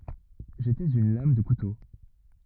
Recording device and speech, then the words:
rigid in-ear microphone, read sentence
J'étais une lame de couteau.

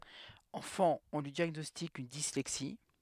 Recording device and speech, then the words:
headset microphone, read sentence
Enfant, on lui diagnostique une dyslexie.

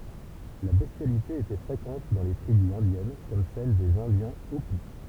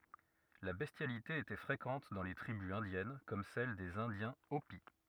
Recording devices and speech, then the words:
temple vibration pickup, rigid in-ear microphone, read sentence
La bestialité était fréquente dans les tribus indiennes comme celles des Indiens Hopi.

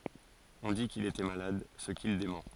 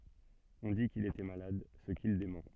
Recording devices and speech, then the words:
forehead accelerometer, soft in-ear microphone, read sentence
On dit qu'il était malade, ce qu'il dément.

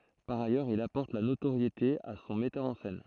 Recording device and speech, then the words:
throat microphone, read sentence
Par ailleurs, il apporte la notoriété à son metteur en scène.

